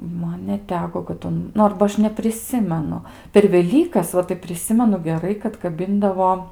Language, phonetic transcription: Lithuanian, ˈman neˈteko kad ˈun ˈnu ˈarba ˈaš nepriˈsimenu per veˈlykas ˈva tai priˈsimenu geˈrai kad kaˈbindavo

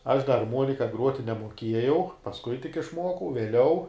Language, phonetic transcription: Lithuanian, aš da arˈmuonika ˈgruoti nemuoˈkiejau pasˈkui tik išˈmuokau vieˈliau

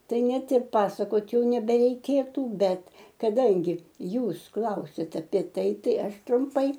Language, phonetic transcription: Lithuanian, ˈtai ˈnet ir ˈpasakot ˈjau nebereiˈkėtų ˈbet kaˈdangi ˈjūs ˈklausiate apie ˈtai ˈtai ˈaš trumˈpai

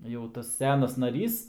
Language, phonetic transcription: Lithuanian, jau ˈtas ˈsenas naˈrys

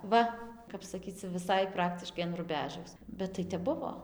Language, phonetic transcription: Lithuanian, ˈva kap saˈkyc cia viˈsai ˈpraktiškai an ruˈbežaus bet tai ˈtep ˈbuvo

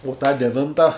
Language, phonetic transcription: Lithuanian, u tą deˈvinta

